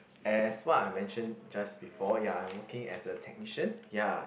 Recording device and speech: boundary microphone, conversation in the same room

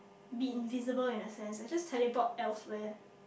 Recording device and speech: boundary microphone, conversation in the same room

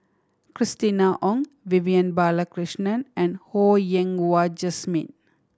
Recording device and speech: standing microphone (AKG C214), read sentence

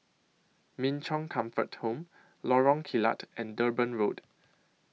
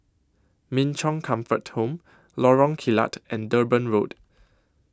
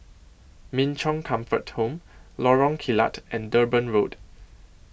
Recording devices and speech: mobile phone (iPhone 6), close-talking microphone (WH20), boundary microphone (BM630), read sentence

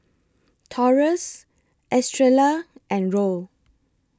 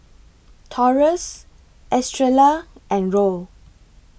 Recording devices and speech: close-talking microphone (WH20), boundary microphone (BM630), read sentence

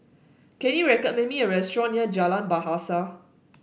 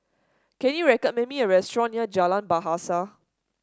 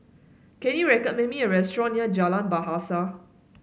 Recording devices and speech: boundary microphone (BM630), standing microphone (AKG C214), mobile phone (Samsung S8), read sentence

